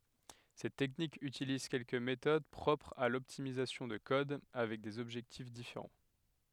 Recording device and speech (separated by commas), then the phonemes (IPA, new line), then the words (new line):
headset microphone, read sentence
sɛt tɛknik ytiliz kɛlkə metod pʁɔpʁz a lɔptimizasjɔ̃ də kɔd avɛk dez ɔbʒɛktif difeʁɑ̃
Cette technique utilise quelques méthodes propres à l'optimisation de code, avec des objectifs différents.